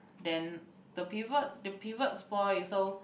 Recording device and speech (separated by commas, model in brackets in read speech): boundary microphone, conversation in the same room